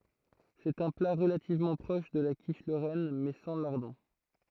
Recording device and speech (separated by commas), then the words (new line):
throat microphone, read sentence
C'est un plat relativement proche de la quiche lorraine, mais sans lardons.